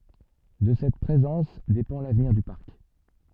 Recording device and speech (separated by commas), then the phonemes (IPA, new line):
soft in-ear microphone, read sentence
də sɛt pʁezɑ̃s depɑ̃ lavniʁ dy paʁk